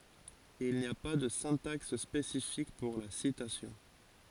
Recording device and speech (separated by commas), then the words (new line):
forehead accelerometer, read sentence
Il n'y a pas de syntaxe spécifique pour la citation.